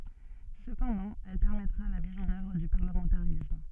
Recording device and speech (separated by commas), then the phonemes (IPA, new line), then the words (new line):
soft in-ear microphone, read sentence
səpɑ̃dɑ̃ ɛl pɛʁmɛtʁa la miz ɑ̃n œvʁ dy paʁləmɑ̃taʁism
Cependant, elle permettra la mise en œuvre du parlementarisme.